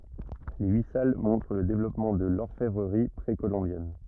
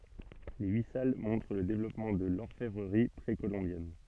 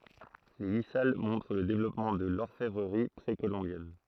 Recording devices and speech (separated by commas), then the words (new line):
rigid in-ear microphone, soft in-ear microphone, throat microphone, read sentence
Les huit salles montrent le développement de l'orfèvrerie précolombienne.